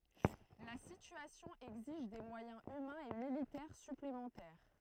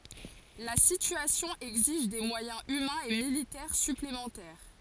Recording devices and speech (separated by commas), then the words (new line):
throat microphone, forehead accelerometer, read sentence
La situation exige des moyens humains et militaires supplémentaires.